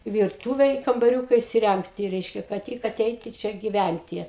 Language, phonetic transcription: Lithuanian, virˈtūve i kambaˈriūka isiˈrængti ˈreiškia kad ˈtik aˈteiti ˈčia giˈvænti

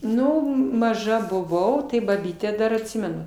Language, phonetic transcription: Lithuanian, ˈnu maˈža buˈvau tai baˈbytę ˈdar atˈsimenu

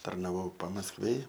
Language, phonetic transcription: Lithuanian, tarnaˈvau pamaskˈvėj

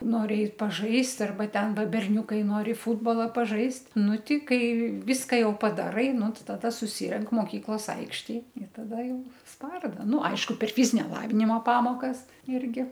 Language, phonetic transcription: Lithuanian, ˈnori ˈeit paˈžaist arˈba ˈten ˈva berˈniukai ˈnori ˈfūtbala paˈžaist' ˈnu ˈti ˈkai ˈvyską ˈjau padaˈrai ˈnu ˈti taˈda suˈsirenk moˈkyklos ˈaikštėj ir taˈda ˈjau ˈsparda ˈnu ˈaišku per ˈfyzinia ˈlavinimo ˈpamokas ˈirgi

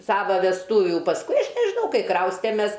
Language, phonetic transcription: Lithuanian, ˈsava vesˈtūvių pasˈkui ˈaš nežiˈnau ˈkai ˈkraustemes

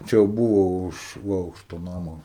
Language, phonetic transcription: Lithuanian, ˈčia jau ˈbūvo ˈuž ˈaukšto ˈnamo

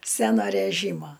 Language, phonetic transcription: Lithuanian, ˈsæno ræˈžymo

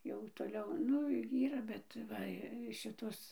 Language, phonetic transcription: Lithuanian, jau toˈliau ˈnu ˈyra bet ˈva ˈšitos

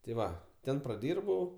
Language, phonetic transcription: Lithuanian, ti ˈva ˈten praˈdyrbau

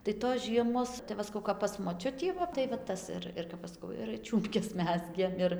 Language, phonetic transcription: Lithuanian, tai tos ˈžiemos tai ˈva saˈkau kap pas moˈčiutį ˈva tai va ˈtas ir ir kap ˈaš saˈkau ir ˈčiūmpkes ˈmezgėm ˈir

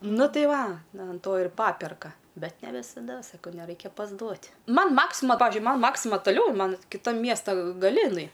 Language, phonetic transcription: Lithuanian, ˈnu ˈtai ˈva an ˈto ir ˈpaperka ˈbet ne visaˈda saˈkau neˈraikia pasˈduot' ˈman ˈmaksima ˈpavižiui ˈman ˈmaksima taˈliau ˈman kiˈtam ˈmiesta gaˈli iˈnai

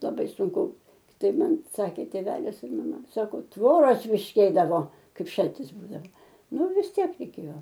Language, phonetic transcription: Lithuanian, laˈbai sunˈku ˈtaip ˈman ˈsakė tėˈvelis ir maˈma ˈsako ˈtvoros ˈpyškėdavo ˈkaip ˈšaltis ˈbūdava ˈnu vis ˈtiek reiˈkėjo

